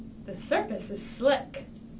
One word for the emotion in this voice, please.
fearful